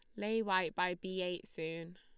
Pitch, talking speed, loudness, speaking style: 180 Hz, 205 wpm, -37 LUFS, Lombard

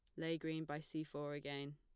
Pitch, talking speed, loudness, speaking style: 150 Hz, 230 wpm, -45 LUFS, plain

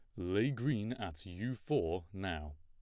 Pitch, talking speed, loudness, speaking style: 95 Hz, 150 wpm, -38 LUFS, plain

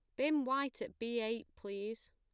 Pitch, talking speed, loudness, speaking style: 230 Hz, 185 wpm, -38 LUFS, plain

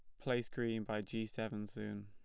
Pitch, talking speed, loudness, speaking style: 110 Hz, 195 wpm, -41 LUFS, plain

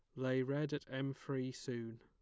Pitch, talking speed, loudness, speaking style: 130 Hz, 200 wpm, -41 LUFS, plain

